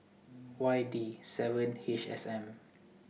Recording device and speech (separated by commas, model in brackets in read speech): mobile phone (iPhone 6), read sentence